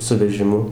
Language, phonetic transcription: Lithuanian, su vežiˈmu

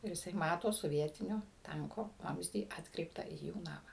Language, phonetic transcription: Lithuanian, ir jiˈsai ˈmato soˈvietinio ˈtanko ˈvamzdį ˈatkreiptą į ˈjų ˈnamą

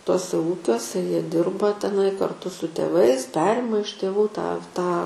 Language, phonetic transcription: Lithuanian, ˈtuose ˈūkiuose ˈjie ˈdirba teˈnai karˈtu su tėˈvais ˈperima iš tėˈvų tą tą

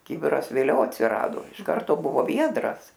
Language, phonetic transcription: Lithuanian, ˈkibiras vėˈliau atsiˈrado iš ˈkarto ˈbuvo ˈviedras

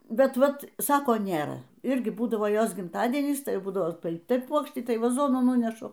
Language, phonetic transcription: Lithuanian, bet ˈvat ˈsako ˈnėra ˈirgi ˈbūdavo ˈjos gimˈtadienys ˈtai ˈbūdavo tai ˈpuokštį tai vaˈzonų ˈnūnešu

